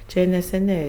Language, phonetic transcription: Lithuanian, čia neseˈniai

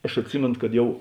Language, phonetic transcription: Lithuanian, aš atˈsimėnu kad ˈjau

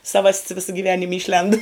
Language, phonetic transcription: Lithuanian, ˈsavas't's ˈvisa gyˈvenim ˈyšlend

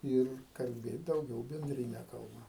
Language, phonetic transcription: Lithuanian, ˈir kalˈbėt dauˈgiau bendriˈne kalˈba

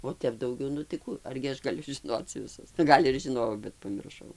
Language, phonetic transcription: Lithuanian, o ˈtep dauˈgiau nu tai ˈkų argi ˈaš gaˈliu žiˈnoc vˈisu ˈgal' ir žiˈnojau bet pamirˈšau

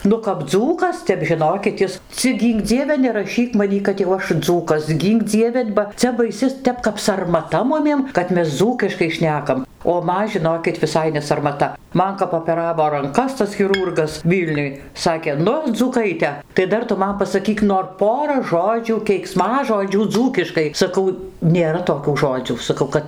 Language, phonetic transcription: Lithuanian, ˈnu kap ˈdzūkas ˈtep žiˈnokit ˈis ˈcik ˈgynk ˈdzieve neraˈšyk maˈnį kad jau ˈaš ˈdzūkas ˈgynk ˈdzieve ba ˈcia baiˈsi ˈtep kap sarmaˈta ˈmumiem kad ˈmes ˈdzūkiškai ˈšnekam o ˈman žiˈnokit viˈsai nesarmaˈta ˈman kap opeˈravo ranˈkas tas chiˈrūrgas ˈvylniuj ˈsakė ˈnu dzūˈkaite tai ˈdar tu ˈman pasaˈkyk nor ˈpora ˈžodžių keikˈsmažodžių ˈdzūkiškai saˈkau nėˈra toˈkių ˈžodzių saˈkau kad

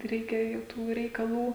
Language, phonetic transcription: Lithuanian, ˈreikia jau ˈtų reikaˈlų

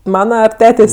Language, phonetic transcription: Lithuanian, ˈmana ar ˈtetės'

